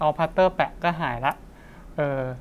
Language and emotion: Thai, neutral